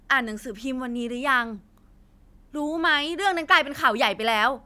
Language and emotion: Thai, angry